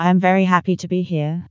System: TTS, vocoder